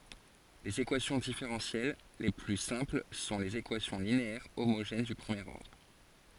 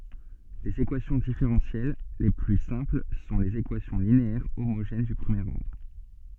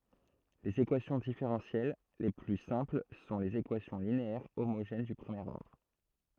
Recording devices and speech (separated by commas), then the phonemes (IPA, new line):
forehead accelerometer, soft in-ear microphone, throat microphone, read sentence
lez ekwasjɔ̃ difeʁɑ̃sjɛl le ply sɛ̃pl sɔ̃ lez ekwasjɔ̃ lineɛʁ omoʒɛn dy pʁəmjeʁ ɔʁdʁ